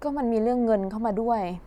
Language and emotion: Thai, frustrated